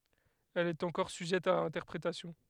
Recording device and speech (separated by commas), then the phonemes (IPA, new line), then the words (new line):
headset microphone, read sentence
ɛl ɛt ɑ̃kɔʁ syʒɛt a ɛ̃tɛʁpʁetasjɔ̃
Elle est encore sujette à interprétation.